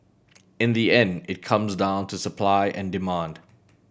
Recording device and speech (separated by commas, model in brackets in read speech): boundary microphone (BM630), read sentence